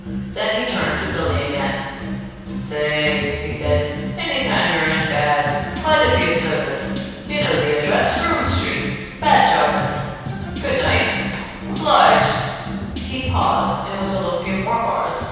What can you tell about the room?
A very reverberant large room.